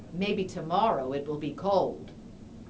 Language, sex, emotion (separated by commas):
English, female, neutral